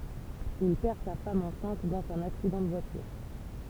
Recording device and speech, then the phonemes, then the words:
temple vibration pickup, read sentence
il pɛʁ sa fam ɑ̃sɛ̃t dɑ̃z œ̃n aksidɑ̃ də vwatyʁ
Il perd sa femme enceinte dans un accident de voiture.

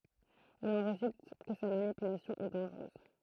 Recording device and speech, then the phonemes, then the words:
throat microphone, read sentence
il ɑ̃ ʁezylt kə sa manipylasjɔ̃ ɛ dɑ̃ʒʁøz
Il en résulte que sa manipulation est dangereuse.

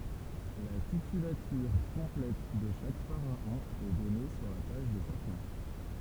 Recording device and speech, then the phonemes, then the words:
temple vibration pickup, read sentence
la titylatyʁ kɔ̃plɛt də ʃak faʁaɔ̃ ɛ dɔne syʁ la paʒ də ʃakœ̃
La titulature complète de chaque pharaon est donnée sur la page de chacun.

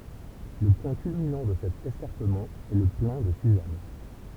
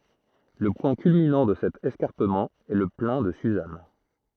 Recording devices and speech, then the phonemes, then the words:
temple vibration pickup, throat microphone, read sentence
lə pwɛ̃ kylminɑ̃ də sɛt ɛskaʁpəmɑ̃ ɛ lə plɛ̃ də syzan
Le point culminant de cet escarpement est le Plain de Suzâne.

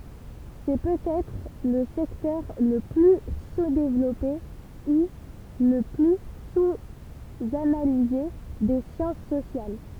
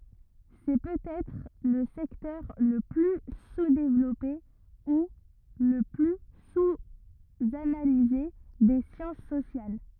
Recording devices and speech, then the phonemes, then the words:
temple vibration pickup, rigid in-ear microphone, read sentence
sɛ pøtɛtʁ lə sɛktœʁ lə ply suzdevlɔpe u lə ply suzanalize de sjɑ̃s sosjal
C'est peut-être le secteur le plus sous-développé ou le plus sous-analysé des sciences sociales.

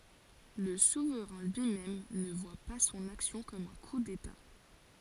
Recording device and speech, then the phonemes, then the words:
forehead accelerometer, read sentence
lə suvʁɛ̃ lyimɛm nə vwa pa sɔ̃n aksjɔ̃ kɔm œ̃ ku deta
Le souverain lui-même ne voit pas son action comme un coup d'État.

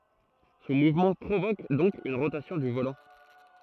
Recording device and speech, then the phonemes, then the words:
throat microphone, read sentence
sɔ̃ muvmɑ̃ pʁovok dɔ̃k yn ʁotasjɔ̃ dy volɑ̃
Son mouvement provoque donc une rotation du volant.

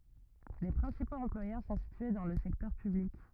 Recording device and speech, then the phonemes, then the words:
rigid in-ear microphone, read sentence
le pʁɛ̃sipoz ɑ̃plwajœʁ sɔ̃ sitye dɑ̃ lə sɛktœʁ pyblik
Les principaux employeurs sont situés dans le secteur public.

